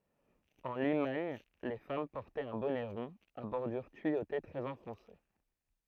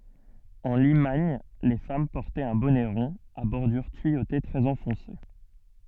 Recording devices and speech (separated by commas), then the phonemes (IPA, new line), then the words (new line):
throat microphone, soft in-ear microphone, read sentence
ɑ̃ limaɲ le fam pɔʁtɛt œ̃ bɔnɛ ʁɔ̃ a bɔʁdyʁ tyijote tʁɛz ɑ̃fɔ̃se
En Limagne les femmes portaient un bonnet rond à bordure tuyautée très enfoncé.